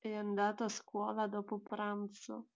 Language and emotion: Italian, neutral